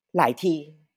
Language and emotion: Thai, frustrated